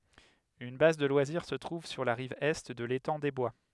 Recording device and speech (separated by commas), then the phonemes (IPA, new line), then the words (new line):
headset microphone, read sentence
yn baz də lwaziʁ sə tʁuv syʁ la ʁiv ɛ də letɑ̃ de bwa
Une base de loisirs se trouve sur la rive Est de l'étang des Bois.